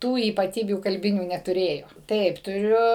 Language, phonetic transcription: Lithuanian, ˈtų ypaˈtybių kalˈbinių netuˈrėjo ˈtaip tuˈriu

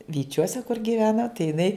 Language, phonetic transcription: Lithuanian, vyˈčiuose kur gyˈvena tai jiˈnai

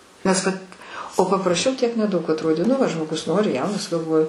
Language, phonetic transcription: Lithuanian, nes ˈvat o papraˈšiau tiek neˈdaug atˈrodė nu ˈva žmoˈgus ˈnori ˈjaunas galˈvoju

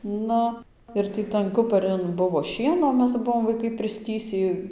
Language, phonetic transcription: Lithuanian, ˈnu ir ˈtį tan ˈkuparin ˈbuvo ˈšieno ˈmes ˈbuvom vaiˈkai prisˈtįsį

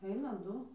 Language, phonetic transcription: Lithuanian, ˈeina ˈdu

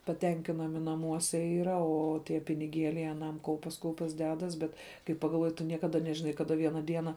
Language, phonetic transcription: Lithuanian, paˈtenkinami naˈmuose ˈyra ˈo ˈtie piniˈgėliai aˈnam ˈkaupias ˈkaupias ˈdedas ˈbet kai pagalˈvuoji tu ˈniekada nežiˈnai kaˈda ˈviena ˈdiena

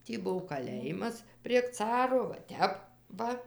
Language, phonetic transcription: Lithuanian, ˈtį ˈbuv kaˈlėjimas prieg ˈcaro va ˈtep ˈva

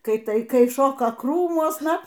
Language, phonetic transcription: Lithuanian, ˈkai ˈtai ˈkai ˈšoka ˈkrūmuosna

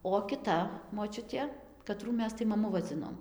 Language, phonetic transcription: Lithuanian, o kiˈta moˈčiutė kaˈtrų ˈmes tai maˈmu vaˈdzinom

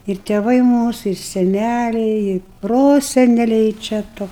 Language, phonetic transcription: Lithuanian, ir tėˈvai ˈmūsu ir seˈnæliai i ˈproseneliai čia ˈto

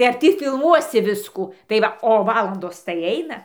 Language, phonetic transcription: Lithuanian, tai ar ˈtį filˈmuosi ˈviskų tai ˈva o ˈvalandos tai ˈaina

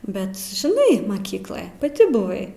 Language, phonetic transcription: Lithuanian, ˈbet žiˈnai maˈkykloj paˈti buˈvai

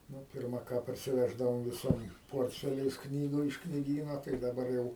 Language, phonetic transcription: Lithuanian, ˈnu ˈpirma ˈką parsiˈveždavom viˈsom ˈportfeliais ˈknygu iš knyˈgyno tai daˈbar jau

